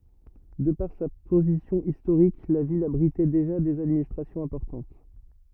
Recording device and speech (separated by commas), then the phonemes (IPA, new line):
rigid in-ear microphone, read sentence
də paʁ sa pozisjɔ̃ istoʁik la vil abʁitɛ deʒa dez administʁasjɔ̃z ɛ̃pɔʁtɑ̃t